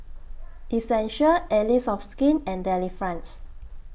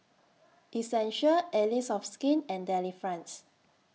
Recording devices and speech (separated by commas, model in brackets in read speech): boundary microphone (BM630), mobile phone (iPhone 6), read sentence